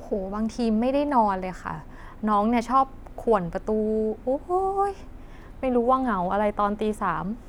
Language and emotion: Thai, frustrated